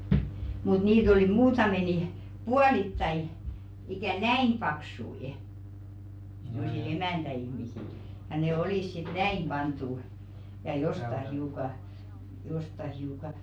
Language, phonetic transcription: Finnish, mut 'niit ‿olì 'muutame ni , "pualittai , ikä̀ "näim 'paksui , se̬m̆mo̜si"l ‿emä̀ntä₍ihmisil , ja ne "olìs sit "näim "ʙant̆tu , ja 'josta hiuka , josta hiuka ,.
- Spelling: mutta niitä oli muutama niin puolittain ikään näin paksuja semmoisilla emäntäihmisillä ja ne olivat sitten näin pantu ja jostakin hiukan jostakin hiukan

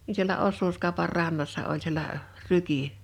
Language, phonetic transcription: Finnish, ni sielä 'ossuuskàopar 'rannassa oĺ sielä , "ryki .
- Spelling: niin siellä osuuskaupan rannassa oli siellä ryki

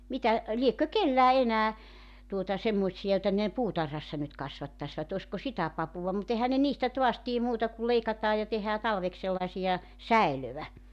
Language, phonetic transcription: Finnish, 'mitä , 'liekkö "kellää 'enää , tuota 'semmoⁱtsi₍a joⁱta ne , "puutarhassa nyt 'kasvattasvat ‿ośko "sitä 'papuva mu't ‿ehän ne 'niistä toas 'tie 'muuta kul 'leikataa ja 'tehää 'talveks sellaᵉsija , "säilövä .
- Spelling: mitä liekö kenelläkään enää tuota semmoisia joita ne puutarhassa nyt kasvattaisivat olisiko sitä papua mutta eihän ne niistä taas tee muuta kuin leikataan ja tehdään talveksi sellaisia säilöä

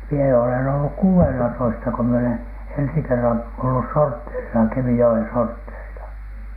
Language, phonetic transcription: Finnish, mie olen olluk "kuu₍enelatoista ko mie olen , 'ensi 'kerran ollus "sortteerisa , Kemijo₍en "sortteerila .
- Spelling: minä olen ollut kuudennellatoista kun minä olen ensi kerran ollut sortteerissa Kemijoen sortteerilla

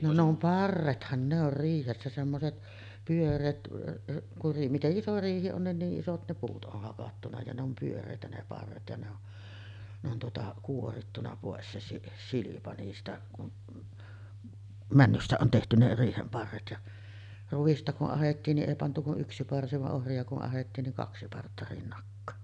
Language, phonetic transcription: Finnish, no ne ‿om "parrethan ne ‿or 'riihessä semmoset , 'pyör̆reet , kur ri- , 'mite’ ’iso 'riihi on nin 'niiˀ 'ˀisot ne 'puut ’oh hakattuna ja ne ‿om 'pyör̆rèitä ne 'parret ja ne ‿on , ne ‿on tuota 'kuorittuna pòes se si- "silipa 'niistä kun , 'männystä on tehty ne 'riihem 'parret ja , 'ruᵛista ku’ ’ahettiin ni ’èi pantu ku’ '’yksi parsi va’ '’ohri₍a ku’ ’ahettiin niŋ "kaksi 'partta rinnakkaa .
- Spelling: no ne on parrethan ne on riihessä semmoiset pyöreät kun - miten iso riihi on niin niin isot ne puut on hakattu ja ne on pyöreitä ne parret ja ne on ne on tuota kuorittu pois se - silpa niistä kun männystä on tehty ne riihen parret ja ruista kun ahdettiin niin ei pantu kuin yksi parsi vaan ohria kun ahdettiin niin kaksi partta rinnakkain

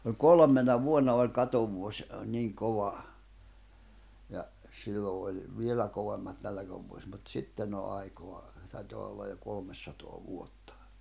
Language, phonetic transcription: Finnish, ə "kolᵒm̆mena 'vuonna oĺ 'katovuoś , niiŋ 'kova , ja , sillo oĺ , 'vielä kovemmat 'nälᵃ̈kävuo(s) mut 'sitten ‿o ’aikoa , taitoa ollaʲ jo 'kolmessatoa 'vuottᴀ .
- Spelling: - kolmena vuonna oli katovuosi niin kova ja silloin oli vielä kovemmat nälkävuosi mutta sitten on aikaa taitaa olla jo kolmesataa vuotta

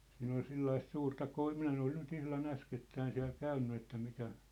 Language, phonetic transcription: Finnish, 'siin ‿ol 'sellaist 'suurta 'koi- , 'minä en ‿ol nyt 'ihla'n ‿äskettäin siä̭l "käynny että 'mikä ,.
- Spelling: siinä oli sellaista suurta - minä en ole nyt ihan äskettäin siellä käynyt että mikä

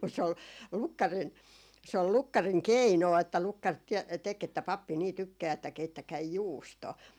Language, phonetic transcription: Finnish, mut se ol , 'lukkarin , se ol 'lukkariŋ "keinò että 'lukkar tiɛ- , tek ‿että » 'pappi nii 'tykkää että 'keittäkäi "juustoo » .
- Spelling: mutta se oli lukkarin se oli lukkarin keino että lukkari - teki että pappi niin tykkää että keittäkää juustoa

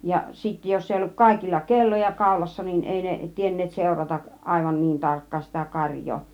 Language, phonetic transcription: Finnish, ja sittä 'jos ‿ei olluk 'kàikilla "kelloja 'kàulassa nin 'èi ne , 'tienneet 'sèuratak , 'àivan "niin 'tarkkaan sitä 'karjjoo .
- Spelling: ja sitten jos ei ollut kaikilla kelloja kaulassa niin ei ne tienneet seurata aivan niin tarkkaan sitä karjaa

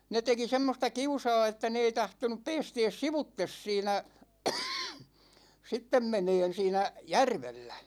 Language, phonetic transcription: Finnish, 'ne teki 'semmosta "kiusa̭a̭ että ne ei 'tahtonup 'peestees "sivuttes 'siinä , 'sittem 'meneen 'siinä , "järvellä .
- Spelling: ne teki semmoista kiusaa että ne ei tahtonut päästää sivuitse siinä sitten menemään siinä järvellä

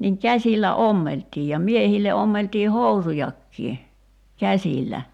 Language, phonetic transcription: Finnish, niŋ 'käśillä "ommelt̀ii ja 'miehille 'ommeltii "housujakkii , 'käśillä .
- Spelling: niin käsillä ommeltiin ja miehille ommeltiin housujakin käsillä

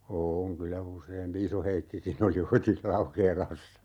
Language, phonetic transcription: Finnish, 'ooŋ kylä 'useempi "Iso-Heikkikin ‿oli 'oitis "Laukeelassa .
- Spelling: on kyllä useampikin Iso-Heikkikin oli oitis Laukeelassa

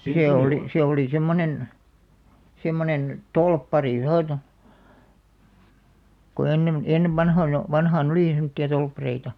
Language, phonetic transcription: Finnish, 'see oli , 'se oli semmonen , 'semmonen , "tolppari (noita) , ko 'ennem , 'ennev "vanhoina , 'vanhaa"n ‿olì semᵒtti₍a 'tolppareita .
- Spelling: se oli se oli semmoinen semmoinen torppari noita kun ennen ennen vanhoina vanhaan oli semmoisia torppareita

